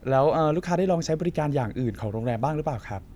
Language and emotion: Thai, neutral